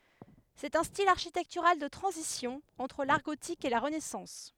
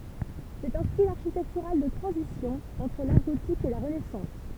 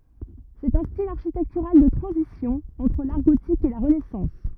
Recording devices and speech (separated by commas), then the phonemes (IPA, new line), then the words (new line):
headset microphone, temple vibration pickup, rigid in-ear microphone, read sentence
sɛt œ̃ stil aʁʃitɛktyʁal də tʁɑ̃zisjɔ̃ ɑ̃tʁ laʁ ɡotik e la ʁənɛsɑ̃s
C'est un style architectural de transition entre l'art gothique et la Renaissance.